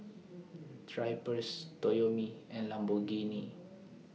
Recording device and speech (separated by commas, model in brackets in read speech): mobile phone (iPhone 6), read sentence